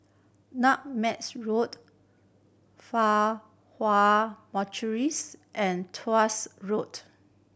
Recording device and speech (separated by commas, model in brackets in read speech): boundary microphone (BM630), read sentence